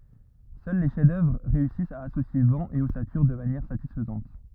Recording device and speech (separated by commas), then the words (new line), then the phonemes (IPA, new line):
rigid in-ear microphone, read sentence
Seuls les chefs-d'œuvre réussissent à associer vent et ossature de manière satisfaisante.
sœl le ʃɛfzdœvʁ ʁeysist a asosje vɑ̃ e ɔsatyʁ də manjɛʁ satisfəzɑ̃t